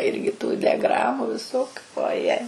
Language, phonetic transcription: Lithuanian, ˈirgi tų diaˈgramu viˈsokiu oˈje

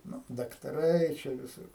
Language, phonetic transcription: Lithuanian, ˈnu daktaˈrai čia viˈsur

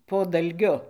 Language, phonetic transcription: Lithuanian, po dalˈgiu

